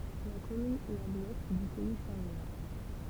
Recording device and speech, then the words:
temple vibration pickup, read sentence
La commune est à l'ouest du pays saint-lois.

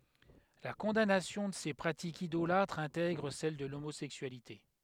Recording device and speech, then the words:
headset microphone, read sentence
La condamnation de ces pratiques idolâtres intègre celle de l'homosexualité.

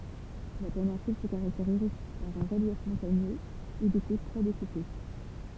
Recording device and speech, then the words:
temple vibration pickup, read sentence
La péninsule se caractérise par un relief montagneux et des côtes très découpées.

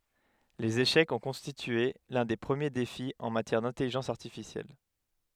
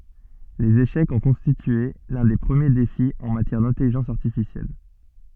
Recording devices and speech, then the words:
headset microphone, soft in-ear microphone, read sentence
Les échecs ont constitué l'un des premiers défis en matière d'intelligence artificielle.

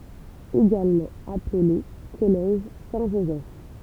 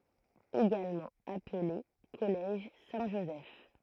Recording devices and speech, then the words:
temple vibration pickup, throat microphone, read sentence
Également appelé Collège Saint-Joseph.

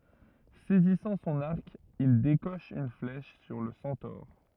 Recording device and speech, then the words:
rigid in-ear microphone, read sentence
Saisissant son arc, il décoche une flèche sur le centaure.

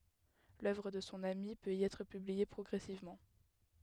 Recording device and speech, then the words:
headset microphone, read sentence
L'œuvre de son ami peut y être publiée progressivement.

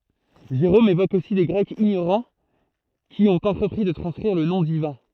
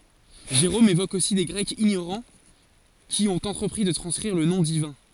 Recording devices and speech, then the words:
throat microphone, forehead accelerometer, read sentence
Jérôme évoque aussi des Grecs ignorants qui ont entrepris de transcrire le nom divin.

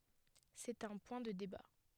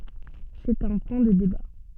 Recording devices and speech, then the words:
headset microphone, soft in-ear microphone, read sentence
C'est un point de débat.

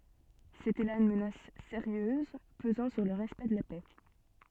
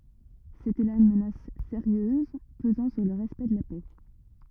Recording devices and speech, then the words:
soft in-ear microphone, rigid in-ear microphone, read sentence
C'était là une menace sérieuse pesant sur le respect de la paix.

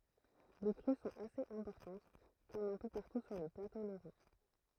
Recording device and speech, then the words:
throat microphone, read sentence
Les crues sont assez importantes comme un peu partout sur le plateau lorrain.

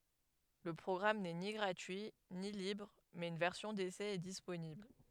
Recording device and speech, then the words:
headset microphone, read sentence
Le programme n'est ni gratuit ni libre, mais une version d'essai est disponible.

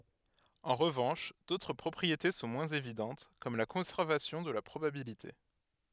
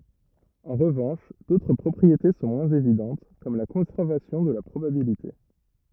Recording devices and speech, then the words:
headset microphone, rigid in-ear microphone, read sentence
En revanche, d'autres propriétés sont moins évidentes, comme la conservation de la probabilité.

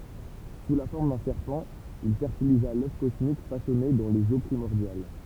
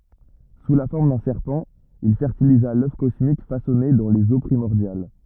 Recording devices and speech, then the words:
temple vibration pickup, rigid in-ear microphone, read sentence
Sous la forme d'un serpent, il fertilisa l'œuf cosmique façonné dans les Eaux primordiales.

